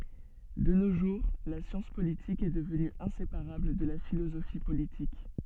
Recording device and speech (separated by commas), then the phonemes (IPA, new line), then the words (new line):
soft in-ear microphone, read sentence
də no ʒuʁ la sjɑ̃s politik ɛ dəvny ɛ̃sepaʁabl də la filozofi politik
De nos jours, la science politique est devenue inséparable de la philosophie politique.